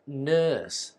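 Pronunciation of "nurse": In 'nurse', the vowel is an er sound and the R is not pronounced.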